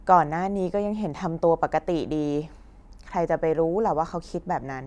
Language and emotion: Thai, frustrated